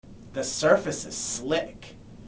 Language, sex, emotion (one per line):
English
male
neutral